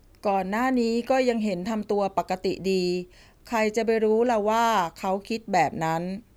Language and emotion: Thai, neutral